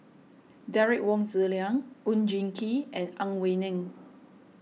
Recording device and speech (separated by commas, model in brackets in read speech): mobile phone (iPhone 6), read sentence